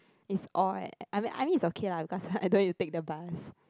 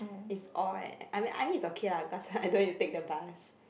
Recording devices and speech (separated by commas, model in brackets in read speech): close-talking microphone, boundary microphone, conversation in the same room